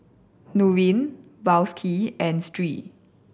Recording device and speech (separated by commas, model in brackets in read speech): boundary microphone (BM630), read sentence